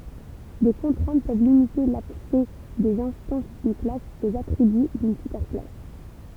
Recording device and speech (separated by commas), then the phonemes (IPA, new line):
temple vibration pickup, read sentence
de kɔ̃tʁɛ̃t pøv limite laksɛ dez ɛ̃stɑ̃s dyn klas oz atʁiby dyn sypɛʁ klas